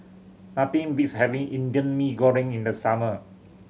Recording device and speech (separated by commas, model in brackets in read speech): mobile phone (Samsung C7100), read sentence